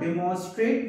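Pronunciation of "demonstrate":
'Demonstrate' is pronounced incorrectly here.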